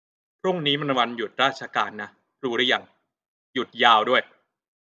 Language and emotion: Thai, frustrated